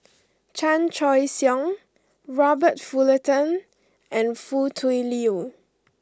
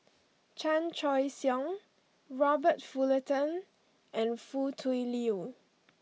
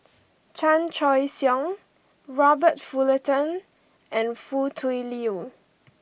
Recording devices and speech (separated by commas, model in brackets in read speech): close-talking microphone (WH20), mobile phone (iPhone 6), boundary microphone (BM630), read sentence